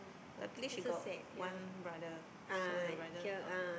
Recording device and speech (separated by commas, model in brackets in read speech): boundary microphone, conversation in the same room